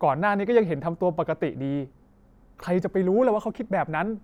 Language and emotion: Thai, frustrated